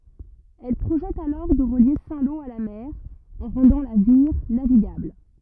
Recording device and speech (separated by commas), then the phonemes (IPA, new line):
rigid in-ear microphone, read sentence
ɛl pʁoʒɛt alɔʁ də ʁəlje sɛ̃ lo a la mɛʁ ɑ̃ ʁɑ̃dɑ̃ la viʁ naviɡabl